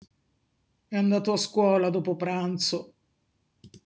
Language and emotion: Italian, sad